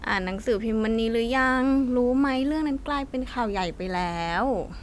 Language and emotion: Thai, frustrated